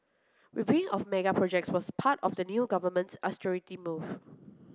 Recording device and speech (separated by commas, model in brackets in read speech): close-talking microphone (WH30), read sentence